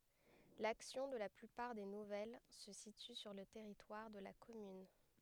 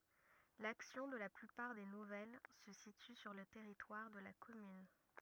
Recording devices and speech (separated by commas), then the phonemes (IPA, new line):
headset microphone, rigid in-ear microphone, read sentence
laksjɔ̃ də la plypaʁ de nuvɛl sə sity syʁ lə tɛʁitwaʁ də la kɔmyn